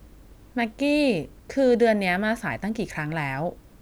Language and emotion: Thai, frustrated